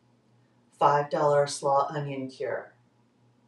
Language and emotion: English, neutral